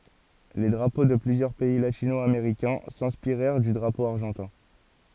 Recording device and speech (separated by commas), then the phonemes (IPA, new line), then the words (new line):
forehead accelerometer, read sentence
le dʁapo də plyzjœʁ pɛi latino ameʁikɛ̃ sɛ̃spiʁɛʁ dy dʁapo aʁʒɑ̃tɛ̃
Les drapeaux de plusieurs pays latino-américains s'inspirèrent du drapeau argentin.